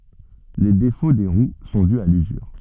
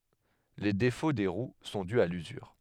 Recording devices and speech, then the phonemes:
soft in-ear microphone, headset microphone, read sentence
le defo de ʁw sɔ̃ dy a lyzyʁ

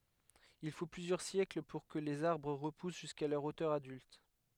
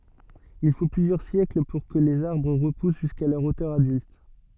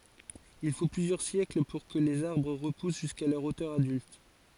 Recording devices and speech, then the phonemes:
headset microphone, soft in-ear microphone, forehead accelerometer, read sentence
il fo plyzjœʁ sjɛkl puʁ kə lez aʁbʁ ʁəpus ʒyska lœʁ otœʁ adylt

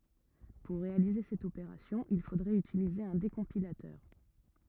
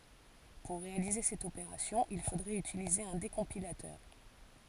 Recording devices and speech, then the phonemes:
rigid in-ear microphone, forehead accelerometer, read sentence
puʁ ʁealize sɛt opeʁasjɔ̃ il fodʁɛt ytilize œ̃ dekɔ̃pilatœʁ

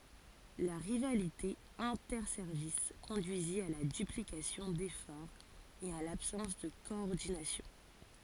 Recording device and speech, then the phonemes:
forehead accelerometer, read sentence
la ʁivalite ɛ̃tɛʁsɛʁvis kɔ̃dyizi a la dyplikasjɔ̃ defɔʁz e a labsɑ̃s də kɔɔʁdinasjɔ̃

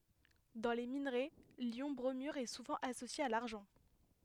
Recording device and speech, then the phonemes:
headset microphone, read sentence
dɑ̃ le minʁɛ ljɔ̃ bʁomyʁ ɛ suvɑ̃ asosje a laʁʒɑ̃

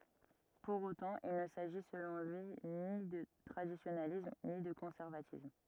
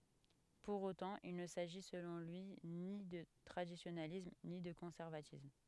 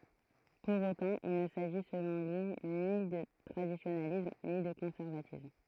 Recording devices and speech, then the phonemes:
rigid in-ear microphone, headset microphone, throat microphone, read sentence
puʁ otɑ̃ il nə saʒi səlɔ̃ lyi ni də tʁadisjonalism ni də kɔ̃sɛʁvatism

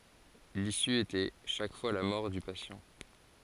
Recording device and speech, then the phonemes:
forehead accelerometer, read sentence
lisy etɛ ʃak fwa la mɔʁ dy pasjɑ̃

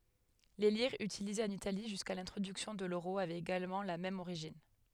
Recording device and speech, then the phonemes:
headset microphone, read sentence
le liʁz ytilizez ɑ̃n itali ʒyska lɛ̃tʁodyksjɔ̃ də løʁo avɛt eɡalmɑ̃ la mɛm oʁiʒin

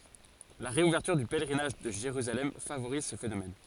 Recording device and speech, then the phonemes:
forehead accelerometer, read sentence
la ʁeuvɛʁtyʁ dy pɛlʁinaʒ də ʒeʁyzalɛm favoʁiz sə fenomɛn

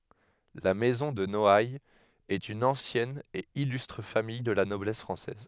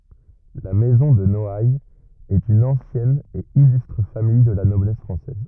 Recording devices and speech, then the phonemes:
headset microphone, rigid in-ear microphone, read sentence
la mɛzɔ̃ də nɔajz ɛt yn ɑ̃sjɛn e ilystʁ famij də la nɔblɛs fʁɑ̃sɛz

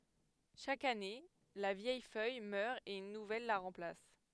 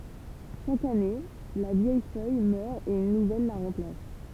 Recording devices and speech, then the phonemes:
headset microphone, temple vibration pickup, read sentence
ʃak ane la vjɛj fœj mœʁ e yn nuvɛl la ʁɑ̃plas

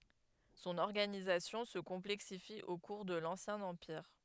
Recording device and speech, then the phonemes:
headset microphone, read sentence
sɔ̃n ɔʁɡanizasjɔ̃ sə kɔ̃plɛksifi o kuʁ də lɑ̃sjɛ̃ ɑ̃piʁ

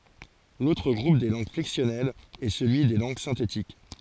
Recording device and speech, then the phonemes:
forehead accelerometer, read sentence
lotʁ ɡʁup de lɑ̃ɡ flɛksjɔnɛlz ɛ səlyi de lɑ̃ɡ sɛ̃tetik

